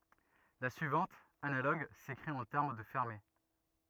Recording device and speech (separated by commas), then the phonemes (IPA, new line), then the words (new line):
rigid in-ear microphone, read sentence
la syivɑ̃t analoɡ sekʁit ɑ̃ tɛʁm də fɛʁme
La suivante, analogue, s'écrit en termes de fermés.